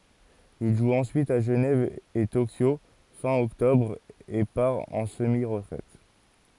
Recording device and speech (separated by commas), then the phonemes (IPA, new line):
forehead accelerometer, read sentence
il ʒu ɑ̃syit a ʒənɛv e tokjo fɛ̃ ɔktɔbʁ e paʁ ɑ̃ səmi ʁətʁɛt